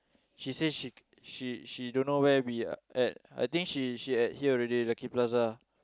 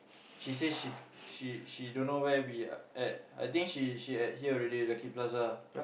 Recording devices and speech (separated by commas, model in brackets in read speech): close-talking microphone, boundary microphone, conversation in the same room